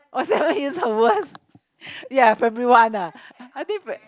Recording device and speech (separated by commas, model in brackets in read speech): close-talking microphone, conversation in the same room